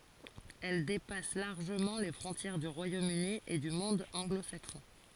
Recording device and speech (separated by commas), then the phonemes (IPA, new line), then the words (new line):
forehead accelerometer, read sentence
ɛl depas laʁʒəmɑ̃ le fʁɔ̃tjɛʁ dy ʁwajom yni e dy mɔ̃d ɑ̃ɡlo saksɔ̃
Elle dépasse largement les frontières du Royaume-Uni et du monde anglo-saxon.